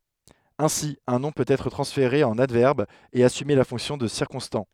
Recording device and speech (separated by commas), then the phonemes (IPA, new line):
headset microphone, read sentence
ɛ̃si œ̃ nɔ̃ pøt ɛtʁ tʁɑ̃sfeʁe ɑ̃n advɛʁb e asyme la fɔ̃ksjɔ̃ də siʁkɔ̃stɑ̃